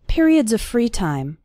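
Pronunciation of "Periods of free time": In 'periods of free time', the word 'of' runs into the word 'free'.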